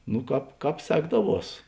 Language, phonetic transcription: Lithuanian, nu ˈkāp ˈkāp ˈsekdaˌvuos

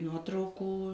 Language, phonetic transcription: Lithuanian, ˈnuotraukų

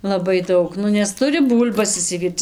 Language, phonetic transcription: Lithuanian, laˈbai ˈdaug ˈnu nes ˈturi ˈbūl'bas išsiˈvyrc

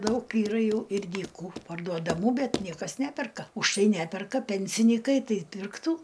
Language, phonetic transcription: Lithuanian, ˈdaug yˈra ˈjau ir dyˈkų parduodaˈmų ˈbet ˈniekas ˈneperka už tai ˈneperka ˈpensinykai ˈtai pirkˈtų

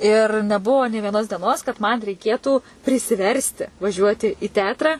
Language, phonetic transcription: Lithuanian, ir neˈbuvo nė vieˈnos dieˈnos kad man reiˈkėtų prisiˈversti vaˈžiuoti į ˈteatra

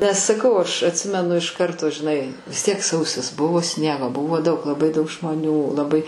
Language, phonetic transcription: Lithuanian, nes saˈkau aš atˈsimenu iš ˈkarto žiˈnai vis ˈtiek ˈsausis ˈbuvo ˈsniego ˈbuvo ˈdaug laˈbai ˈdaug žmoˈnių laˈbai

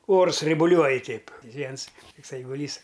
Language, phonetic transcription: Lithuanian, ˈors raibuˈliuoj ˈteip ˈviens ˈtuks eiguˈlys

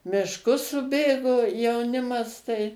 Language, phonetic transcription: Lithuanian, mišˈkus suˈbėgo jauˈnimas tai

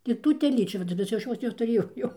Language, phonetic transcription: Lithuanian, ir ˈtų teˈlyčių vaˈdinasi jau ˈaš ˈjos netuˈrėjau jau

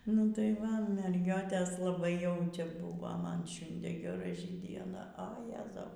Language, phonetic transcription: Lithuanian, nu tai ˈva merˈgiotės laˈbai jau ˈčia ˈbuvo ˈman ˈšiundė geˈrai dieˈna a ˈjezau

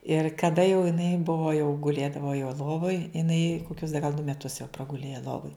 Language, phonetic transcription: Lithuanian, ir kaˈda jau jiˈnai ˈbuvo jau guˈlėdavo jau ˈlovoj iˈnai koˈkius da gal du meˈtus jau praguˈlėja ˈlovoj

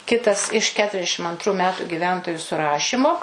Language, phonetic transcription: Lithuanian, ˈkitas iš ˌketuriasˈdešim antˈrų ˈmetu giˈventoju suˈrašymo

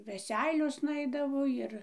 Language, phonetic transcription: Lithuanian, veˈseiliosna ˈaidavo ˈjir

